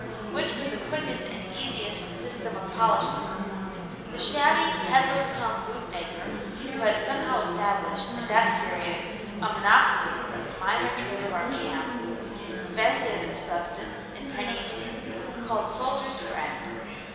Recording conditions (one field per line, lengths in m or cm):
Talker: one person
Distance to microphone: 1.7 m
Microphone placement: close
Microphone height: 1.0 m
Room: very reverberant, large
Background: babble